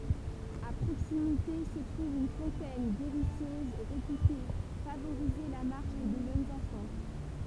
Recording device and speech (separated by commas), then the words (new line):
temple vibration pickup, read sentence
À proximité se trouve une fontaine guérisseuse, réputée favoriser la marche des jeunes enfants.